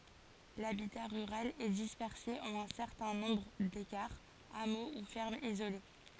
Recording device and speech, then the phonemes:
forehead accelerometer, read sentence
labita ʁyʁal ɛ dispɛʁse ɑ̃n œ̃ sɛʁtɛ̃ nɔ̃bʁ dekaʁz amo u fɛʁmz izole

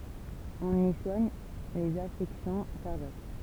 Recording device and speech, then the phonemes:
temple vibration pickup, read sentence
ɔ̃n i swaɲ lez afɛksjɔ̃ kaʁdjak

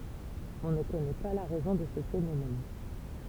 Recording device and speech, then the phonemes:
temple vibration pickup, read sentence
ɔ̃ nə kɔnɛ pa la ʁɛzɔ̃ də sə fenomɛn

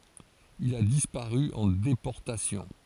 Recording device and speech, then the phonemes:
forehead accelerometer, read sentence
il a dispaʁy ɑ̃ depɔʁtasjɔ̃

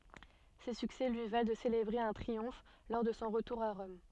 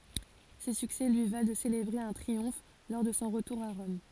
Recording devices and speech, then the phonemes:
soft in-ear microphone, forehead accelerometer, read sentence
se syksɛ lyi val də selebʁe œ̃ tʁiɔ̃f lɔʁ də sɔ̃ ʁətuʁ a ʁɔm

